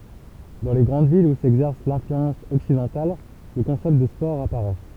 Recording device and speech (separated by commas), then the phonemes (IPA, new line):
temple vibration pickup, read sentence
dɑ̃ le ɡʁɑ̃d vilz u sɛɡzɛʁs lɛ̃flyɑ̃s ɔksidɑ̃tal lə kɔ̃sɛpt də spɔʁ apaʁɛ